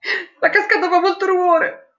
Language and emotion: Italian, sad